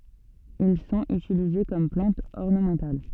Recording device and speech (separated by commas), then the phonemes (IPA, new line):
soft in-ear microphone, read sentence
il sɔ̃t ytilize kɔm plɑ̃tz ɔʁnəmɑ̃tal